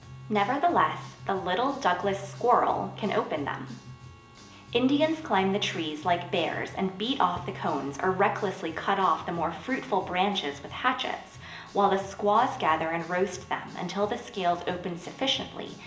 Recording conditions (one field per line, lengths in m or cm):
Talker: one person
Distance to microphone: 1.8 m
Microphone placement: close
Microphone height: 1.0 m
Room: large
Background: music